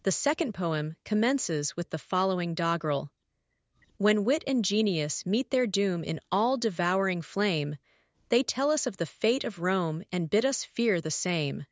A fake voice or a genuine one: fake